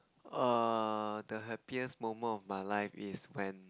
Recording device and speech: close-talking microphone, conversation in the same room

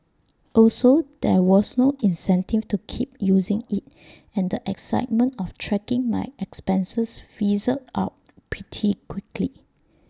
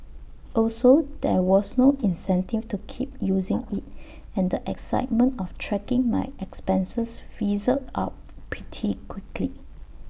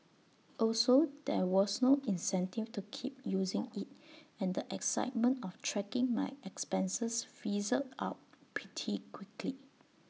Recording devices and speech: standing microphone (AKG C214), boundary microphone (BM630), mobile phone (iPhone 6), read sentence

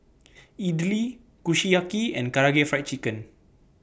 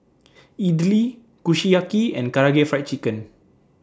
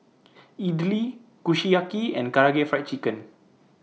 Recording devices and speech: boundary microphone (BM630), standing microphone (AKG C214), mobile phone (iPhone 6), read sentence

